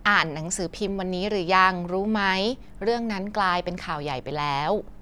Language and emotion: Thai, neutral